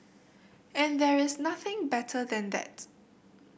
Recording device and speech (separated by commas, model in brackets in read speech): boundary microphone (BM630), read sentence